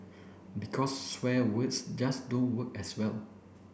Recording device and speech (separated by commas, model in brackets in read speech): boundary microphone (BM630), read sentence